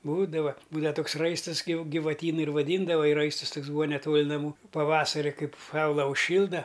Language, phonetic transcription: Lithuanian, ˈbūdava ˈbūdava ˈtoks ˈraistɨs gi givaˈtynu ir vaˈdyndava i ˈraistus ˈtoks ˈbūa neˈtol' naˈmų paˈvasari ˈkaip ˈsaula užˈšylda

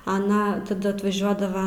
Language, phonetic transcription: Lithuanian, aˈna taˈda atvaˈžiuodava

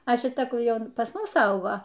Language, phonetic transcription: Lithuanian, a šiˈta ˈkur ˈjau ˈpas ˈmus ˈaugo

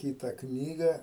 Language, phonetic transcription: Lithuanian, ˈkyta ˈknyga

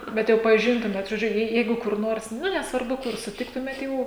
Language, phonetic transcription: Lithuanian, bet ˈjau paˈžintumėt žoˈdžiu ˈjei ˈjeigu kur ˈnors ˈnu nesvarˈbu kur suˈtiktumėt ˈjau

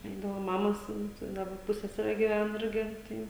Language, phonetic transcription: Lithuanian, ˈeidavo ˈmamos ˈimt i ˈdaba ˈpussesere giˈven ˈirgi ˈtai

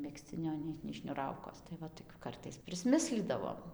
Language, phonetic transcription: Lithuanian, megzˈcinio ˈnei nei šniuˈraukos tai ˈva toˈkiu ˈkartais prisˈmislydavom

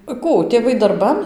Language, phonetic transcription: Lithuanian, ˈkų tėˈvai darˈban

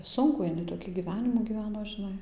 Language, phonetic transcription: Lithuanian, ˈsunkų iˈnai toˈkį gyˈvenimų gyˈveno žiˈnai

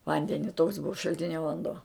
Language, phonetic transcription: Lithuanian, ˈvandeni toks ˈbuva šalˈtinio vanˈduo

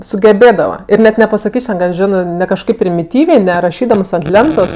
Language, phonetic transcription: Lithuanian, sugeˈbėdava ir net nepasaˈkys' ten gal ˈžinɜ ˈne kažˈkaip primiˈtyvė ne raˈšydams ant ˈlentos

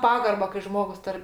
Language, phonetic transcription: Lithuanian, ˈpagarba kai ˈžmogus ˈtar

